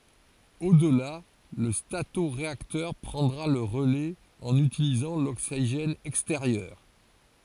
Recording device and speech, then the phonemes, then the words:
forehead accelerometer, read sentence
odla lə statoʁeaktœʁ pʁɑ̃dʁa lə ʁəlɛz ɑ̃n ytilizɑ̃ loksiʒɛn ɛksteʁjœʁ
Au-delà, le statoréacteur prendra le relais en utilisant l'oxygène extérieur.

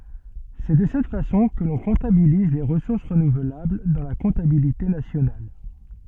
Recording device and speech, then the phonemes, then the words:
soft in-ear microphone, read sentence
sɛ də sɛt fasɔ̃ kə lɔ̃ kɔ̃tabiliz le ʁəsuʁs ʁənuvlabl dɑ̃ la kɔ̃tabilite nasjonal
C'est de cette façon que l'on comptabilise les ressources renouvelables dans la comptabilité nationale.

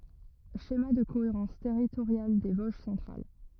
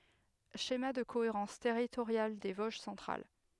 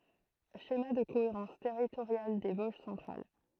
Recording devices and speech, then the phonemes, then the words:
rigid in-ear microphone, headset microphone, throat microphone, read sentence
ʃema də koeʁɑ̃s tɛʁitoʁjal de voʒ sɑ̃tʁal
Schéma de cohérence territoriale des Vosges centrales.

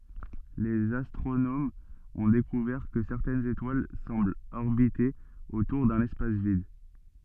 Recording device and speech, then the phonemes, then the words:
soft in-ear microphone, read sentence
lez astʁonomz ɔ̃ dekuvɛʁ kə sɛʁtɛnz etwal sɑ̃blt ɔʁbite otuʁ dœ̃n ɛspas vid
Les astronomes ont découvert que certaines étoiles semblent orbiter autour d'un espace vide.

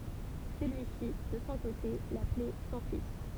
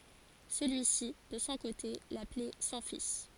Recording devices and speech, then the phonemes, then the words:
temple vibration pickup, forehead accelerometer, read sentence
səlyi si də sɔ̃ kote laplɛ sɔ̃ fis
Celui-ci, de son côté, l'appelait son fils.

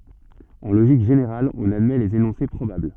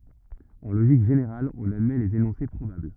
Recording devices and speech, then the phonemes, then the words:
soft in-ear microphone, rigid in-ear microphone, read sentence
ɑ̃ loʒik ʒeneʁal ɔ̃n admɛ lez enɔ̃se pʁobabl
En logique générale, on admet les énoncés probables.

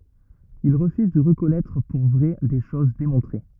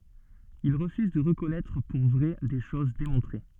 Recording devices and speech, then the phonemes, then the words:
rigid in-ear microphone, soft in-ear microphone, read sentence
il ʁəfyz də ʁəkɔnɛtʁ puʁ vʁɛ de ʃoz demɔ̃tʁe
Il refuse de reconnaître pour vraies des choses démontrées.

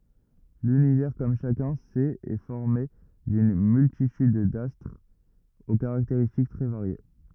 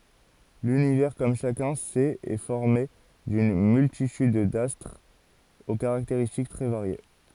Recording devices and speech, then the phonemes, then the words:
rigid in-ear microphone, forehead accelerometer, read sentence
lynivɛʁ kɔm ʃakœ̃ sɛt ɛ fɔʁme dyn myltityd dastʁz o kaʁakteʁistik tʁɛ vaʁje
L'Univers, comme chacun sait, est formé d'une multitude d'astres aux caractéristiques très variées.

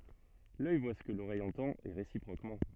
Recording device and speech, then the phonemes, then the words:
soft in-ear microphone, read sentence
lœj vwa sə kə loʁɛj ɑ̃tɑ̃t e ʁesipʁokmɑ̃
L'œil voit ce que l'oreille entend et réciproquement.

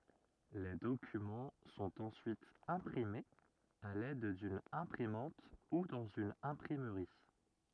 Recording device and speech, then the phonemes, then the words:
rigid in-ear microphone, read sentence
le dokymɑ̃ sɔ̃t ɑ̃syit ɛ̃pʁimez a lɛd dyn ɛ̃pʁimɑ̃t u dɑ̃z yn ɛ̃pʁimʁi
Les documents sont ensuite imprimés à l'aide d'une imprimante ou dans une imprimerie.

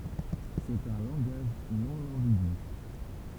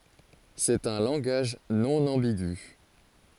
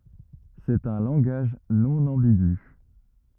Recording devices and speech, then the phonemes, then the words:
temple vibration pickup, forehead accelerometer, rigid in-ear microphone, read sentence
sɛt œ̃ lɑ̃ɡaʒ nɔ̃ ɑ̃biɡy
C'est un langage non ambigu.

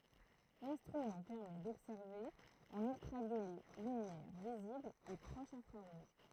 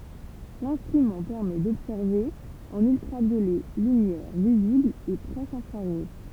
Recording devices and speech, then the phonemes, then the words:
throat microphone, temple vibration pickup, read sentence
lɛ̃stʁymɑ̃ pɛʁmɛ dɔbsɛʁve ɑ̃n yltʁavjolɛ lymjɛʁ vizibl e pʁɔʃ ɛ̃fʁaʁuʒ
L'instrument permet d'observer en ultraviolet, lumière visible et proche infrarouge.

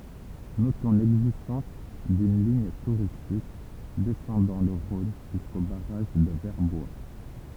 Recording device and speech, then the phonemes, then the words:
temple vibration pickup, read sentence
notɔ̃ lɛɡzistɑ̃s dyn liɲ tuʁistik dɛsɑ̃dɑ̃ lə ʁɔ̃n ʒysko baʁaʒ də vɛʁbwa
Notons l'existence d'une ligne touristique descendant le Rhône jusqu'au barrage de Verbois.

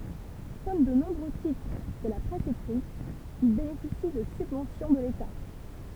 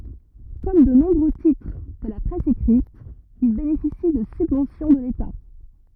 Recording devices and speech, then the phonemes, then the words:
temple vibration pickup, rigid in-ear microphone, read sentence
kɔm də nɔ̃bʁø titʁ də la pʁɛs ekʁit il benefisi də sybvɑ̃sjɔ̃ də leta
Comme de nombreux titres de la presse écrite, il bénéficie de subventions de l'État.

